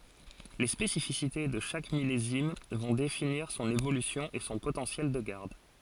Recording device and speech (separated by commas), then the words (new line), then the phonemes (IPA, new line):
forehead accelerometer, read sentence
Les spécificités de chaque millésime vont définir son évolution et son potentiel de garde.
le spesifisite də ʃak milezim vɔ̃ definiʁ sɔ̃n evolysjɔ̃ e sɔ̃ potɑ̃sjɛl də ɡaʁd